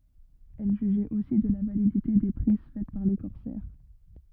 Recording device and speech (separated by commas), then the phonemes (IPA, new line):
rigid in-ear microphone, read sentence
ɛl ʒyʒɛt osi də la validite de pʁiz fɛt paʁ le kɔʁsɛʁ